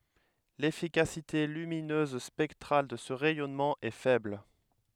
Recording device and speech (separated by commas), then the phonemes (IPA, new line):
headset microphone, read sentence
lefikasite lyminøz spɛktʁal də sə ʁɛjɔnmɑ̃ ɛ fɛbl